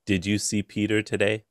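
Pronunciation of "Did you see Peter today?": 'Did you see Peter today?' is said with no emotion in the tone.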